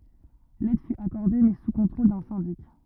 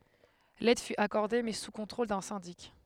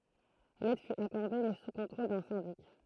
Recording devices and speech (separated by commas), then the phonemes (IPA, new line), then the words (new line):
rigid in-ear microphone, headset microphone, throat microphone, read sentence
lɛd fy akɔʁde mɛ su kɔ̃tʁol dœ̃ sɛ̃dik
L'aide fut accordée, mais sous contrôle d'un syndic.